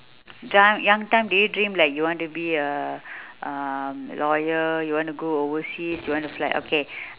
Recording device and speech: telephone, conversation in separate rooms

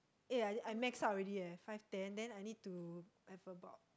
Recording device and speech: close-talking microphone, conversation in the same room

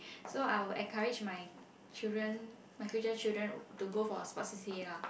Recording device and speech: boundary microphone, conversation in the same room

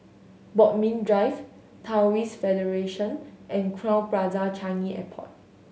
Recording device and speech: mobile phone (Samsung S8), read sentence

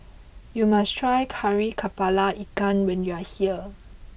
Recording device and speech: boundary microphone (BM630), read sentence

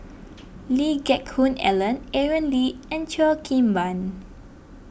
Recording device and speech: boundary microphone (BM630), read sentence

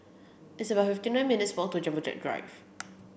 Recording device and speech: boundary microphone (BM630), read sentence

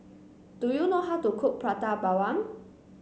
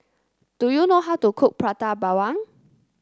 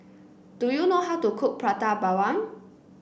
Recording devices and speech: mobile phone (Samsung C9), close-talking microphone (WH30), boundary microphone (BM630), read sentence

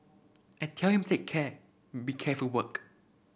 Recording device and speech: boundary microphone (BM630), read sentence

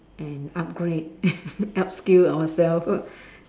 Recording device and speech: standing microphone, conversation in separate rooms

